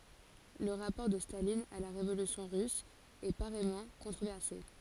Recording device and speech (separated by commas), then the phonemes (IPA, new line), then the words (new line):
forehead accelerometer, read sentence
lə ʁapɔʁ də stalin a la ʁevolysjɔ̃ ʁys ɛ paʁɛjmɑ̃ kɔ̃tʁovɛʁse
Le rapport de Staline à la Révolution russe est pareillement controversé.